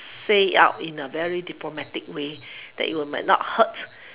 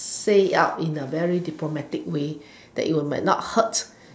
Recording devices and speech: telephone, standing microphone, conversation in separate rooms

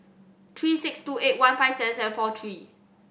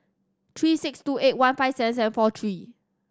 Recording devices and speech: boundary microphone (BM630), standing microphone (AKG C214), read sentence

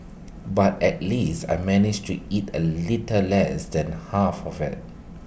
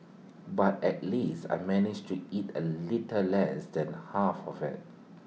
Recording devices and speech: boundary microphone (BM630), mobile phone (iPhone 6), read sentence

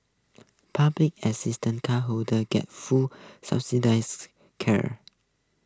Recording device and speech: close-talking microphone (WH20), read sentence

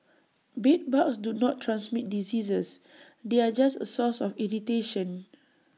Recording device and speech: mobile phone (iPhone 6), read sentence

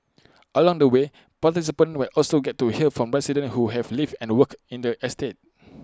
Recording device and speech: close-talking microphone (WH20), read sentence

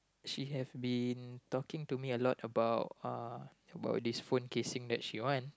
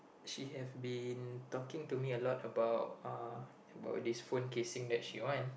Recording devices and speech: close-talking microphone, boundary microphone, conversation in the same room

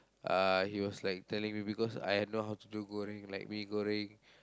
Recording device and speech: close-talking microphone, conversation in the same room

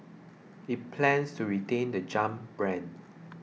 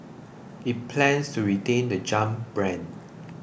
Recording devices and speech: mobile phone (iPhone 6), boundary microphone (BM630), read sentence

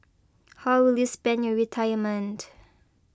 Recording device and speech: close-talking microphone (WH20), read sentence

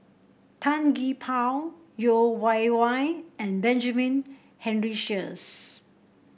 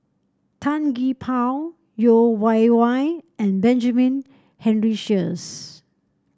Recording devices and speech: boundary microphone (BM630), standing microphone (AKG C214), read sentence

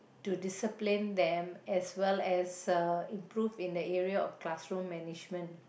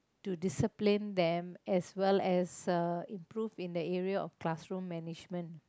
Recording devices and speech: boundary microphone, close-talking microphone, conversation in the same room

